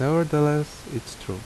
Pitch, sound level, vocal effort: 150 Hz, 78 dB SPL, normal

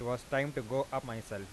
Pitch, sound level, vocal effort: 125 Hz, 90 dB SPL, normal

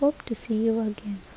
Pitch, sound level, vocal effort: 225 Hz, 72 dB SPL, soft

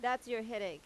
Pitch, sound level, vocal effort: 230 Hz, 90 dB SPL, loud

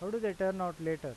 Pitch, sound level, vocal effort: 180 Hz, 92 dB SPL, normal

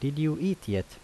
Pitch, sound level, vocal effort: 150 Hz, 80 dB SPL, normal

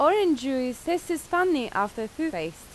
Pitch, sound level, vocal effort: 280 Hz, 89 dB SPL, very loud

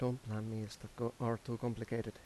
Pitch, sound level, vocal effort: 115 Hz, 81 dB SPL, soft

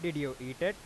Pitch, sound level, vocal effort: 145 Hz, 94 dB SPL, normal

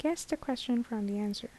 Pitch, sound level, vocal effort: 240 Hz, 76 dB SPL, soft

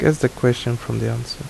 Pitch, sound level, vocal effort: 120 Hz, 74 dB SPL, soft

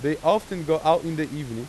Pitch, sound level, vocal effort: 160 Hz, 95 dB SPL, very loud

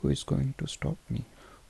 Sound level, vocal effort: 67 dB SPL, soft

